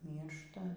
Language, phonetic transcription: Lithuanian, ˈmyršta

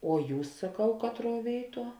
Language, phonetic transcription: Lithuanian, o ˈjūs saˈkau ˈkatˌruo ˈvėiˌtuo

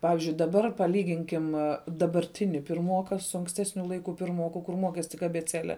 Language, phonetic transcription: Lithuanian, ˈpavizdžiui daˈbar paˈlyginkim dabarˈtini pirˈmoka su anksˈtesniu ˈlaiku pirˈmoku kur ˈmokes tik abeˈcele

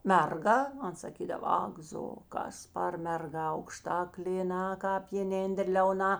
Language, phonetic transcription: Lithuanian, ˈmerˌga ˈan saˈkydava ˈak ˌzo ˈkas par merˈga aukˈšta klėˈna kāp jėˈnėndər liauˈna

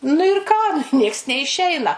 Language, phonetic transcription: Lithuanian, nu ir ˈką ˈnieks neiˈšeina

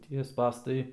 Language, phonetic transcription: Lithuanian, ˈtie ˈspąstai

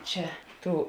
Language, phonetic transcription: Lithuanian, ˈčia ˈtų

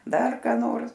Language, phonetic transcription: Lithuanian, ˈdar ˈką nors

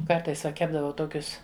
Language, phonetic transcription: Lithuanian, ˈkartais va ˈkepdavau ˈtokius

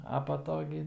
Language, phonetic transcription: Lithuanian, a pa ˈto gi

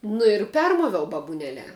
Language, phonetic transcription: Lithuanian, nu ir ˈpermoviau babuˈneliā

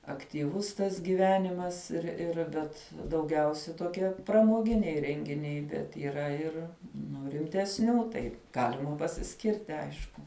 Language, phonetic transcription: Lithuanian, aktyˈvus tas gyˈvenimas ir ˈir ˈbet dauˈgiausia toˈkie pramoˈginiai rengiˈniai bet yˈra ir ˈnu rimtesˈnių tai ˈgalima pasiˈskirti ˈaišku

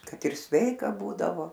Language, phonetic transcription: Lithuanian, ˈkad ir ˈsveika ˈbūdavo

